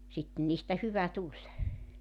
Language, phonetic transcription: Finnish, 'sittᵉn niistä 'hyvä 'tuĺ .
- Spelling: sitten niistä hyvä tuli

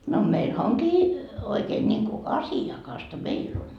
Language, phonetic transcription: Finnish, » no meilhä 'oŋkii , oikeen ńiŋku , "asi₍akasta "meill ‿on .
- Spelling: no meillähän onkin oikein niin kuin asiakasta meillä on

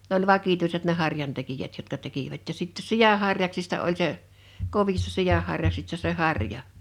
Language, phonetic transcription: Finnish, nᵉ ‿oĺ 'vakituiset ne 'harjantekijät jotka 'tekivät ja sitte "siʲa harjaksista 'oĺ se , 'kovissᴀ 'siʲahharja(ksis)ta se "harja .
- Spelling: ne oli vakituiset ne harjantekijät jotka tekivät ja sitten sian harjaksista oli se kovista sianharjaksista se harja

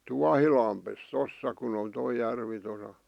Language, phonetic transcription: Finnish, 'Tuahilampes 'tossa kun ‿on toi 'järvi tosa .
- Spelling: Tuohilammessa tuossa kun on tuo järvi tuossa

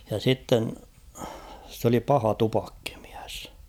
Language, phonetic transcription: Finnish, ja sitten , s ‿oli 'paha 'tupakkɪᴍɪᴀ̈s .
- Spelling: ja sitten se oli paha tupakkamies

